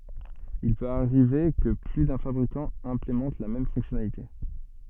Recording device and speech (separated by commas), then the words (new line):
soft in-ear microphone, read sentence
Il peut arriver que plus d'un fabricant implémente la même fonctionnalité.